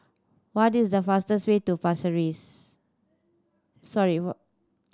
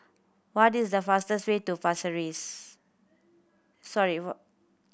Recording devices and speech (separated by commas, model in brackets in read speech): standing microphone (AKG C214), boundary microphone (BM630), read sentence